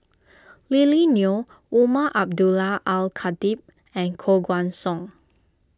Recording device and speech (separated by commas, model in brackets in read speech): close-talking microphone (WH20), read sentence